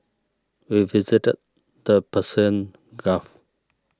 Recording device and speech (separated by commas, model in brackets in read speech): standing microphone (AKG C214), read sentence